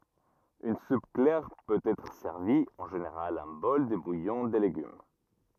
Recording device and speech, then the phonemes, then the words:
rigid in-ear microphone, read sentence
yn sup klɛʁ pøt ɛtʁ sɛʁvi ɑ̃ ʒeneʁal œ̃ bɔl də bujɔ̃ də leɡym
Une soupe claire peut être servie, en général un bol de bouillon de légumes.

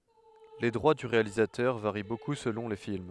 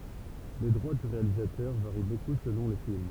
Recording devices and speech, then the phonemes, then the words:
headset microphone, temple vibration pickup, read sentence
le dʁwa dy ʁealizatœʁ vaʁi boku səlɔ̃ le film
Les droits du réalisateur varient beaucoup selon les films.

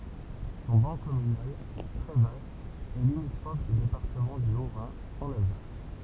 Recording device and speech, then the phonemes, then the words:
temple vibration pickup, read sentence
sɔ̃ bɑ̃ kɔmynal tʁɛ vast ɛ limitʁɔf dy depaʁtəmɑ̃ dy otʁɛ̃ ɑ̃n alzas
Son ban communal, très vaste, est limitrophe du département du Haut-Rhin, en Alsace.

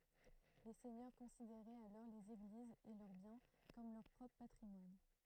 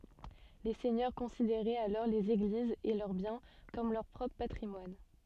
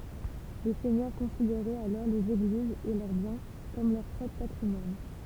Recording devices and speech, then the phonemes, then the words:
throat microphone, soft in-ear microphone, temple vibration pickup, read sentence
le sɛɲœʁ kɔ̃sideʁɛt alɔʁ lez eɡlizz e lœʁ bjɛ̃ kɔm lœʁ pʁɔpʁ patʁimwan
Les seigneurs considéraient alors les églises et leurs biens comme leur propre patrimoine.

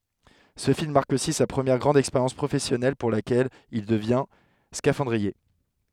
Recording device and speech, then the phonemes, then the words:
headset microphone, read sentence
sə film maʁk osi sa pʁəmjɛʁ ɡʁɑ̃d ɛkspeʁjɑ̃s pʁofɛsjɔnɛl puʁ lakɛl il dəvjɛ̃ skafɑ̃dʁie
Ce film marque aussi sa première grande expérience professionnelle pour laquelle il devient scaphandrier.

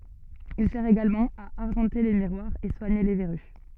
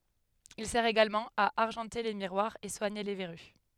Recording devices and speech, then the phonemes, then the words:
soft in-ear microphone, headset microphone, read sentence
il sɛʁ eɡalmɑ̃ a aʁʒɑ̃te le miʁwaʁz e swaɲe le vɛʁy
Il sert également à argenter les miroirs, et soigner les verrues.

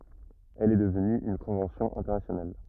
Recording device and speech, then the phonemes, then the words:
rigid in-ear microphone, read sentence
ɛl ɛ dəvny yn kɔ̃vɑ̃sjɔ̃ ɛ̃tɛʁnasjonal
Elle est devenue une convention internationale.

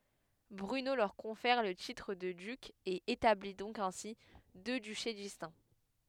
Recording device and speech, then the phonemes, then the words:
headset microphone, read sentence
bʁyno lœʁ kɔ̃fɛʁ lə titʁ də dyk e etabli dɔ̃k ɛ̃si dø dyʃe distɛ̃
Bruno leur confère le titre de duc et établit donc ainsi deux duchés distincts.

